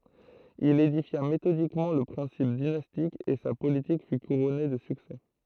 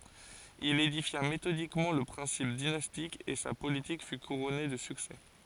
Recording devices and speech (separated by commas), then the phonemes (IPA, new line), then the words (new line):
throat microphone, forehead accelerometer, read sentence
il edifja metodikmɑ̃ lə pʁɛ̃sip dinastik e sa politik fy kuʁɔne də syksɛ
Il édifia méthodiquement le principe dynastique et sa politique fut couronnée de succès.